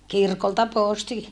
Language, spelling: Finnish, kirkolta posti
- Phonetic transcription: kirkolta pòsti .

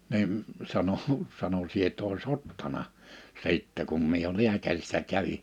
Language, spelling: Finnish, niin sanoi sanoi sinä et olisi ottanut sitten kun minä jo lääkärissä kävin
- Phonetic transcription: nim , sano , sano » 'sie et ‿ois "ottana , 'sittɛ kum mie jo 'liäkärissä 'kävi « .

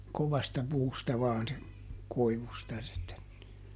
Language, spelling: Finnish, kovasta puusta vain se koivusta -
- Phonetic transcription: ˈkovasta puusta ˈvaan se , ˈkoivusta -- .

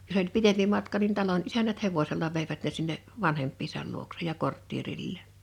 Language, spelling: Finnish, jos oli pitempi matka niin talon isännät hevosella veivät ne sinne vanhempiensa luokse ja kortteerilleen
- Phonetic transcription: jos ‿oĺ 'pitempi matka nin 'talon '’isänät 'hevosella veivät ne sinne’ , 'vanhemppiisal luoksej ja 'korttierilleen .

